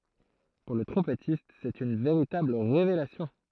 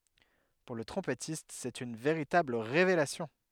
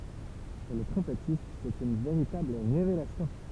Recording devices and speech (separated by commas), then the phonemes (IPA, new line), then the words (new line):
throat microphone, headset microphone, temple vibration pickup, read sentence
puʁ lə tʁɔ̃pɛtist sɛt yn veʁitabl ʁevelasjɔ̃
Pour le trompettiste, c'est une véritable révélation.